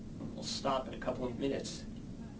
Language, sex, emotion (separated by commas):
English, male, neutral